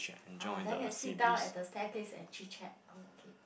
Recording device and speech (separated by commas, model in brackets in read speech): boundary microphone, conversation in the same room